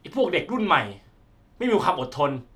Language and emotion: Thai, frustrated